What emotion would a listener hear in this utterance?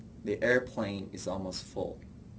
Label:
neutral